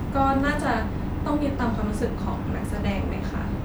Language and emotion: Thai, neutral